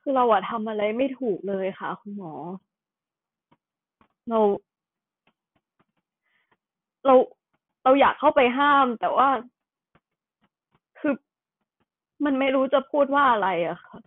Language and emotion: Thai, sad